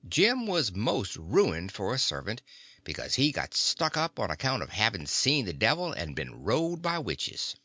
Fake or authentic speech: authentic